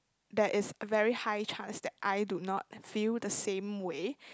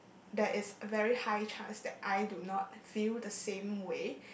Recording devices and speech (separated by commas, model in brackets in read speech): close-talking microphone, boundary microphone, conversation in the same room